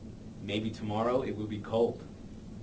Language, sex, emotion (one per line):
English
male
neutral